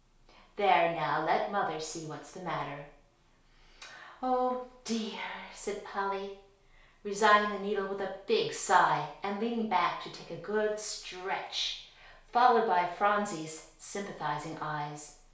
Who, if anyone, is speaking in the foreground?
One person.